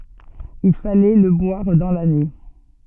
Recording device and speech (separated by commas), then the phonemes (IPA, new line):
soft in-ear microphone, read sentence
il falɛ lə bwaʁ dɑ̃ lane